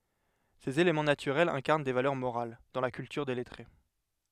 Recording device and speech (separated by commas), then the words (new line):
headset microphone, read sentence
Ces éléments naturels incarnent des valeurs morales, dans la culture des lettrés.